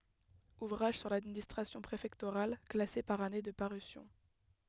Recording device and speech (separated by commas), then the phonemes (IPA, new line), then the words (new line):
headset microphone, read sentence
uvʁaʒ syʁ ladministʁasjɔ̃ pʁefɛktoʁal klase paʁ ane də paʁysjɔ̃
Ouvrages sur l'administration préfectorale, classés par année de parution.